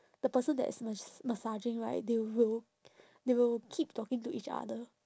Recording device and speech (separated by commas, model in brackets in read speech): standing microphone, conversation in separate rooms